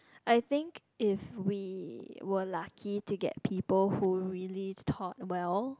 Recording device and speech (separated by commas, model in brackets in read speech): close-talking microphone, conversation in the same room